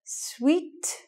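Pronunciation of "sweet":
This is an incorrect pronunciation of 'suit': it is said as 'sweet' instead of with the long oo sound.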